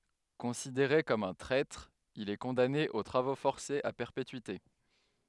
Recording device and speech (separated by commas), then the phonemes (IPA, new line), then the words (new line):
headset microphone, read sentence
kɔ̃sideʁe kɔm œ̃ tʁɛtʁ il ɛ kɔ̃dane o tʁavo fɔʁsez a pɛʁpetyite
Considéré comme un traître, il est condamné aux travaux forcés à perpétuité.